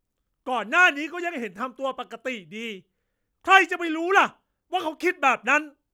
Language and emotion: Thai, angry